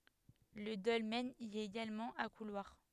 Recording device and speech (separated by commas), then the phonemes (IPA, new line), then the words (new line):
headset microphone, read sentence
lə dɔlmɛn i ɛt eɡalmɑ̃ a kulwaʁ
Le dolmen y est également à couloir.